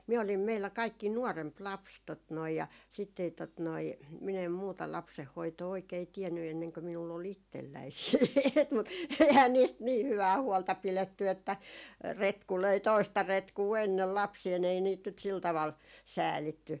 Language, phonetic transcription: Finnish, 'miä olim meillä 'kaikki "nuɔremp 'laps tot noi ja , sitt ‿ei tot noi , min ‿em 'muuta "lapseh'hoitoo 'oikei 'tiɛnny enneŋkö minull ‿o"l ‿ittelläi siit- , mut 'ehän 'niist "nii 'hyvää 'huolta 'piletty että , 'retku löi "toista 'retkuu ennel 'lapsiil ‿ei niit nyt sil taval , "säälitty .
- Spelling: minä olin meillä kaikkein nuorempi lapsi tuota noin ja sitten ei tuota noin minä en muuta lapsenhoitoa oikein tiennyt ennen kuin minulla oli itselläni sitten mutta eihän niistä niin hyvää huolta pidetty että retku löi toista retkua ennen lapsia ei niitä nyt sillä tavalla säälitty

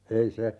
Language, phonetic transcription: Finnish, 'ei se ,.
- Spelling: ei se

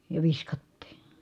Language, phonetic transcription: Finnish, ja viskattii .
- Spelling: ja viskattiin

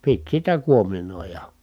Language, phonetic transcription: Finnish, pit sitä kuominòija .
- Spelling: piti sitä kuominoida

